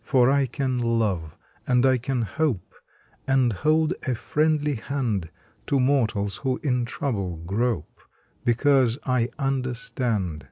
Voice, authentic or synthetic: authentic